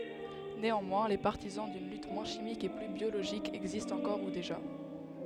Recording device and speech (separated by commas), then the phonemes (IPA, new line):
headset microphone, read sentence
neɑ̃mwɛ̃ le paʁtizɑ̃ dyn lyt mwɛ̃ ʃimik e ply bjoloʒik ɛɡzistt ɑ̃kɔʁ u deʒa